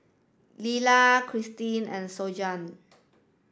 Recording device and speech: standing microphone (AKG C214), read sentence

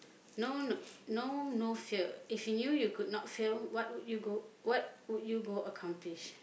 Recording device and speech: boundary microphone, conversation in the same room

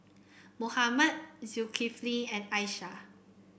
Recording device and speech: boundary microphone (BM630), read sentence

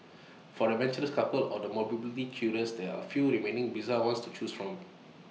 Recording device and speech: mobile phone (iPhone 6), read sentence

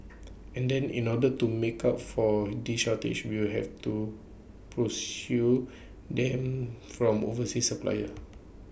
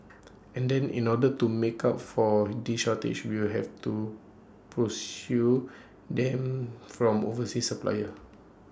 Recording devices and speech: boundary microphone (BM630), standing microphone (AKG C214), read sentence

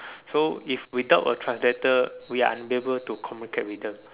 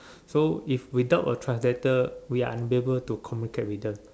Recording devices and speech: telephone, standing microphone, conversation in separate rooms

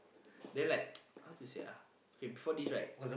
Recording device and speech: boundary microphone, conversation in the same room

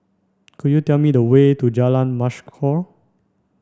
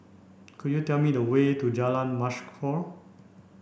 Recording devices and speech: standing microphone (AKG C214), boundary microphone (BM630), read sentence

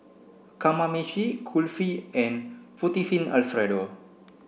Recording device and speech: boundary microphone (BM630), read sentence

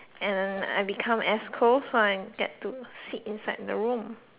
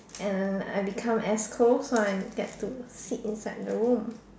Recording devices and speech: telephone, standing microphone, conversation in separate rooms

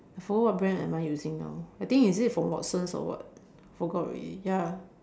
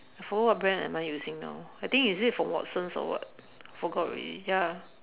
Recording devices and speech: standing microphone, telephone, conversation in separate rooms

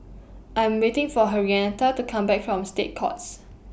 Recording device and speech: boundary microphone (BM630), read sentence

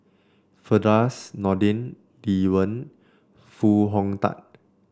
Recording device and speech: standing microphone (AKG C214), read sentence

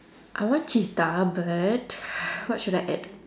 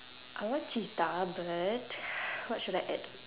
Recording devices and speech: standing microphone, telephone, conversation in separate rooms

